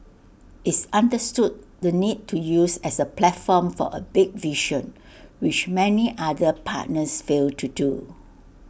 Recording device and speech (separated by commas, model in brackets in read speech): boundary microphone (BM630), read sentence